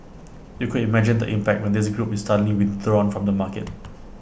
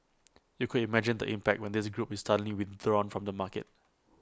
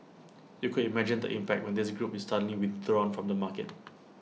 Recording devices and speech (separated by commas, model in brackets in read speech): boundary microphone (BM630), close-talking microphone (WH20), mobile phone (iPhone 6), read sentence